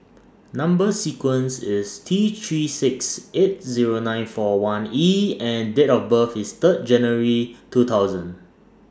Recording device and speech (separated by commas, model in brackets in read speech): standing microphone (AKG C214), read sentence